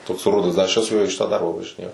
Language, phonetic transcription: Lithuanian, toks ˈrudas da aš ˈčia su juo į ˈšitą ˈdarba važiˈnėjau

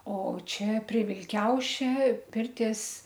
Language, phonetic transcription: Lithuanian, o ˈčia prie vilˈkiaušia ˈpirties

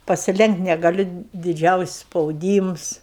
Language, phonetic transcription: Lithuanian, pasiˈlenkt' negaˈliu diˈdžiausis' spauˈdyms

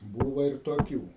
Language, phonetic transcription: Lithuanian, ˈbūva ir toˈkių

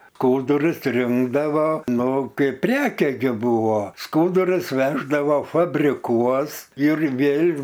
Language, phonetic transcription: Lithuanian, ˈkūdurus ˈrinkdavo ˈnu ˈkaip ˈpreke ˈgi ˈbūvo ˈskūdurus ˈveždavo fabriˈkuos ir ˈvėl'

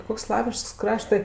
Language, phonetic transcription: Lithuanian, ˈkoks ˈslaviškas ˈkraštɜ

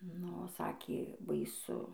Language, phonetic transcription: Lithuanian, ˈnu ˈsakė baiˈsu

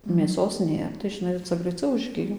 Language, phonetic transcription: Lithuanian, mėˈsos ˈnėr tai žiˈnai ˈca graiˈcau užˈgijo

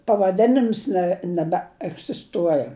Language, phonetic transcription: Lithuanian, pavaˈdenims ne nebeegzisˈtuoja

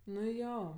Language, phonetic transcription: Lithuanian, nu ˈjo

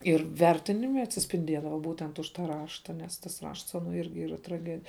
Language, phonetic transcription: Lithuanian, ir ˈvertinime atsispinˈdiedava ˈbūtent už ta ˈrašta nes tas ˈrašts ˈano ˈirgi ˈyra traˈgedi

